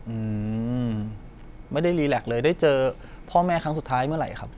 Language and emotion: Thai, neutral